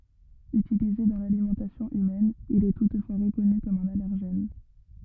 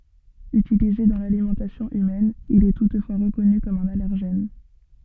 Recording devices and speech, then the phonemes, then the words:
rigid in-ear microphone, soft in-ear microphone, read sentence
ytilize dɑ̃ lalimɑ̃tasjɔ̃ ymɛn il ɛ tutfwa ʁəkɔny kɔm œ̃n alɛʁʒɛn
Utilisé dans l'alimentation humaine, il est toutefois reconnu comme un allergène.

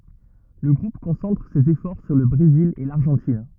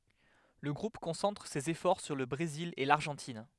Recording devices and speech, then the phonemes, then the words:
rigid in-ear microphone, headset microphone, read sentence
lə ɡʁup kɔ̃sɑ̃tʁ sez efɔʁ syʁ lə bʁezil e laʁʒɑ̃tin
Le groupe concentre ses efforts sur le Brésil et l'Argentine.

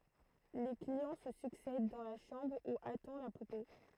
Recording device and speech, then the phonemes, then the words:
throat microphone, read sentence
le kliɑ̃ sə syksɛd dɑ̃ la ʃɑ̃bʁ u atɑ̃ la pupe
Les clients se succèdent dans la chambre où attend la poupée.

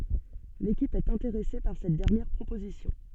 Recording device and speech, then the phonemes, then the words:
soft in-ear microphone, read sentence
lekip ɛt ɛ̃teʁɛse paʁ sɛt dɛʁnjɛʁ pʁopozisjɔ̃
L’équipe est intéressée par cette dernière proposition.

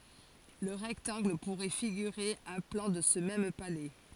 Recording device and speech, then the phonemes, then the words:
forehead accelerometer, read sentence
lə ʁɛktɑ̃ɡl puʁɛ fiɡyʁe œ̃ plɑ̃ də sə mɛm palɛ
Le rectangle pourrait figurer un plan de ce même palais.

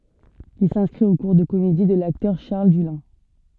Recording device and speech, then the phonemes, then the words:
soft in-ear microphone, read sentence
il sɛ̃skʁit o kuʁ də komedi də laktœʁ ʃaʁl dylɛ̃
Il s'inscrit aux cours de comédie de l'acteur Charles Dullin.

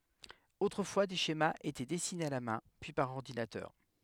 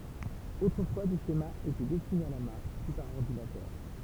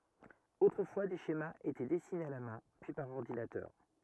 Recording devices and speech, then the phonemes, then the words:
headset microphone, temple vibration pickup, rigid in-ear microphone, read sentence
otʁəfwa de ʃemaz etɛ dɛsinez a la mɛ̃ pyi paʁ ɔʁdinatœʁ
Autrefois, des schémas étaient dessinés à la main, puis par ordinateur.

